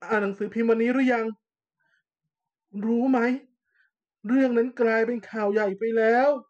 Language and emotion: Thai, sad